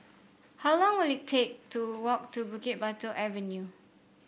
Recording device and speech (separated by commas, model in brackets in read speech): boundary microphone (BM630), read sentence